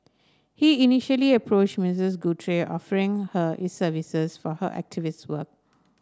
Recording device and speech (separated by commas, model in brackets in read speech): standing microphone (AKG C214), read sentence